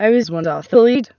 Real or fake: fake